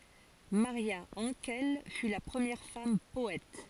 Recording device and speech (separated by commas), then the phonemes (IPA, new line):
forehead accelerometer, read sentence
maʁja ɑ̃kɛl fy la pʁəmjɛʁ fam pɔɛt